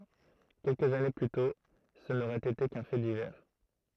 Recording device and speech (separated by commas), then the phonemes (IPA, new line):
throat microphone, read sentence
kɛlkəz ane ply tɔ̃ sə noʁɛt ete kœ̃ fɛ divɛʁ